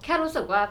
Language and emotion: Thai, frustrated